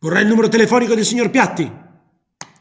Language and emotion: Italian, angry